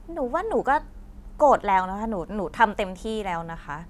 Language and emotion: Thai, frustrated